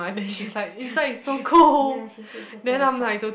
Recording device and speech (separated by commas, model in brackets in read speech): boundary microphone, conversation in the same room